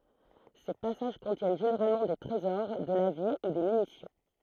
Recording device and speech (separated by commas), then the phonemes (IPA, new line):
throat microphone, read sentence
se pasaʒ kɔ̃tjɛn ʒeneʁalmɑ̃ de tʁezɔʁ də la vi u de mynisjɔ̃